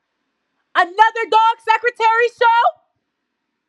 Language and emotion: English, angry